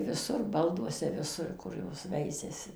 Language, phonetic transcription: Lithuanian, viˈsur ˈbalduose viˈsur ˈkur ˈjos ˈveisiasi

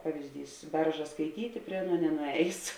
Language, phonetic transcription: Lithuanian, ˈpavizdys ˈberža skaiˈtyti ˈprie ˈaˌnuo nenuˈējės

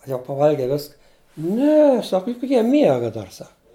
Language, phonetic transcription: Lithuanian, a jau paˈvalgei ˈviska ˈne ˈsak ˈjuk ˈjie ˈmiega ˈdar ˈsak

